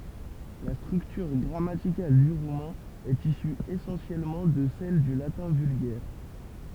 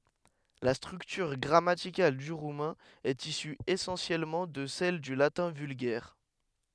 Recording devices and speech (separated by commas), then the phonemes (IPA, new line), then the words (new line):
temple vibration pickup, headset microphone, read sentence
la stʁyktyʁ ɡʁamatikal dy ʁumɛ̃ ɛt isy esɑ̃sjɛlmɑ̃ də sɛl dy latɛ̃ vylɡɛʁ
La structure grammaticale du roumain est issue essentiellement de celle du latin vulgaire.